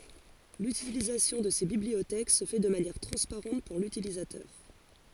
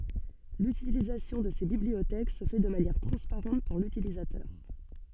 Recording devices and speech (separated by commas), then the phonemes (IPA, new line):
forehead accelerometer, soft in-ear microphone, read sentence
lytilizasjɔ̃ də se bibliotɛk sə fɛ də manjɛʁ tʁɑ̃spaʁɑ̃t puʁ lytilizatœʁ